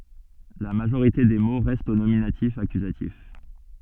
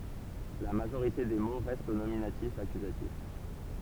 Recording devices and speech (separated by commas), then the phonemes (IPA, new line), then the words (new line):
soft in-ear microphone, temple vibration pickup, read sentence
la maʒoʁite de mo ʁɛstt o nominatifakyzatif
La majorité des mots restent au nominatif-accusatif.